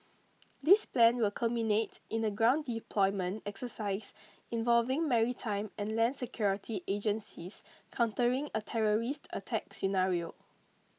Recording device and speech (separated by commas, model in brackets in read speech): mobile phone (iPhone 6), read sentence